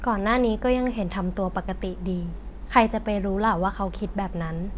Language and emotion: Thai, frustrated